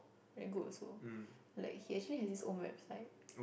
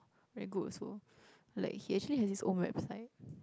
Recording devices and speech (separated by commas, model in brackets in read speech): boundary microphone, close-talking microphone, conversation in the same room